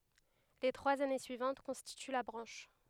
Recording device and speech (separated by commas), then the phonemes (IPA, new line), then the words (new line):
headset microphone, read sentence
le tʁwaz ane syivɑ̃t kɔ̃stity la bʁɑ̃ʃ
Les trois années suivantes constituent la branche.